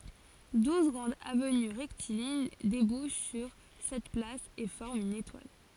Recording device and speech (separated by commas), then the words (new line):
forehead accelerometer, read sentence
Douze grandes avenues rectilignes débouchent sur cette place et forment une étoile.